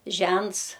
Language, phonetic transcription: Lithuanian, ˈžents

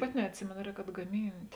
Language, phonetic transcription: Lithuanian, ˈpaˌti neatˈsimėno ˈrēk atgaˈmynt'

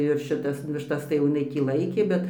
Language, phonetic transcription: Lithuanian, ir šiˈtas višˈtas tai jau iˈnai tį ˈlaikė ˈbet

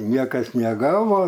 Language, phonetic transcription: Lithuanian, ˈniekas neˈgavo

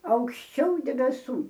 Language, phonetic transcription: Lithuanian, aukšˈčiau debeˈsų

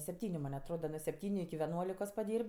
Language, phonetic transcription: Lithuanian, sepˈtyniu man' atˈroda nuo sepˈtyniu iki veˈnuolikos paˈdyr'b'

